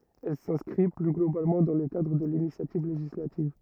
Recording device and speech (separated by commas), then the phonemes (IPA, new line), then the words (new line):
rigid in-ear microphone, read sentence
ɛl sɛ̃skʁi ply ɡlobalmɑ̃ dɑ̃ lə kadʁ də linisjativ leʒislativ
Elle s’inscrit plus globalement dans le cadre de l’initiative législative.